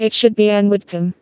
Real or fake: fake